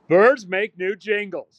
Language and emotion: English, angry